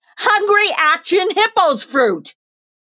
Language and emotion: English, fearful